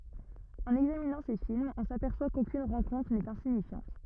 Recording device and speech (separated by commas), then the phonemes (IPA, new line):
rigid in-ear microphone, read sentence
ɑ̃n ɛɡzaminɑ̃ se filmz ɔ̃ sapɛʁswa kokyn ʁɑ̃kɔ̃tʁ nɛt ɛ̃siɲifjɑ̃t